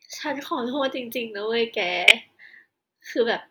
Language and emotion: Thai, sad